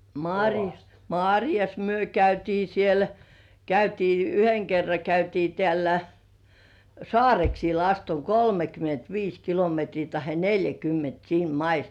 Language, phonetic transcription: Finnish, màŕjas , "màŕjas 'myö käytii siel , 'käytii "yheŋ kerra 'käytii teä̀llä "Sŏàreksiil ast ‿oŋ 'kolmekym̳§ent "viis kilometrii tahe "neljäkymment "siin "mais .
- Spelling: marjassa marjassa me käytiin siellä käytiin yhden kerran käytiin täällä Saareksilla asti on kolmekymmentä viisi kilometriä tai neljäkymmentä siinä maissa

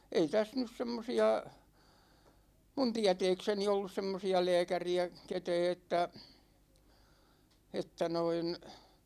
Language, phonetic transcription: Finnish, ei 'täs nys 'semmosi₍a , 'mun "tiä̭tɛɛkseni ollus 'semmosi₍a 'lɛɛkäri₍ä , 'ketɛɛ että , 'että noin ,.
- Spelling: ei tässä nyt semmoisia minun tietääkseni ollut semmoisia lääkäriä ketään että että noin

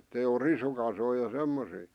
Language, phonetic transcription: Finnish, ettei o 'risukasoi ja 'semmosii .
- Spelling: että ei ole risukasoja ja semmoisia

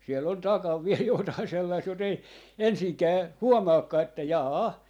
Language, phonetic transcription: Finnish, 'siell ‿on 'takav viel jotai 'sellaist jot ‿ei "ensiŋkää , "huomaakkaa että "jaa "a .
- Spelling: siellä on takana vielä jotakin sellaista jota ei ensinkään huomaakaan että - jaa-a

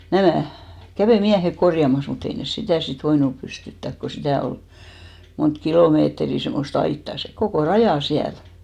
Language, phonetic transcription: Finnish, 'nämä̀ , 'kävè "miähek 'korjamas mu't ‿ei nes "sitä̀ sit 'voinup pystyttäk ko 'sitä̀ ol , mont "kilòmeetrì semmos't ‿aittà , se 'kokò "rajà 'siäl .
- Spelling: nämä kävi miehet korjaamassa mutta ei ne sitä sitten voinut pystyttää kun sitä oli monta kilometriä semmoista aitaa se koko raja siellä

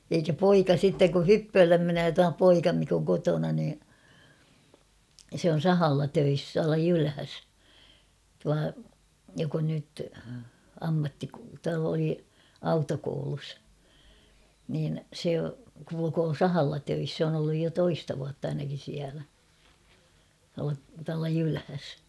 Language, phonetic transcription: Finnish, eikä "poika sitteŋ ku "hyppööllem 'menöö tua "poika mik ‿oŋ 'kotona nii , se on̬ "sahalla 'töis tuala "Jylhäs , tua , jok ‿on nyt , 'ammattiko- oli , "autokoulus , niin̬ 'se kulukoo "sahalla 'töis sᵉ ‿on ‿olluj jo 'toista vuatt ‿ainakin̬ siälä , tuala , tuala 'Jylhäs .
- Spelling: eikä poika sitten kun hyppöölle menee tuo poika mikä on kotona niin se on sahalla töissä tuolla Jylhässä tuo joka on nyt - oli autokoulussa niin se kulkee sahalla töissä se on ollut jo toista vuotta ainakin siellä tuolla tuolla Jylhässä

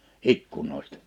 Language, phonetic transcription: Finnish, ikkunòistᴀ .
- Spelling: ikkunoista

